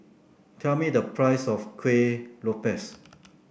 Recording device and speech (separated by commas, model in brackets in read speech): boundary microphone (BM630), read sentence